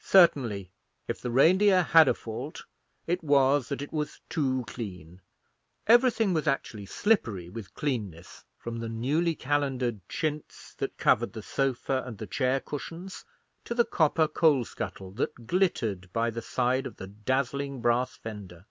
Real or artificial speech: real